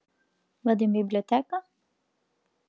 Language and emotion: Italian, neutral